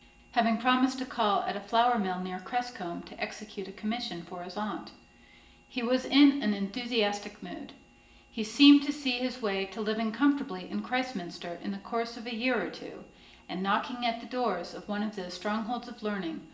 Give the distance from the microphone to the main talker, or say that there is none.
1.8 m.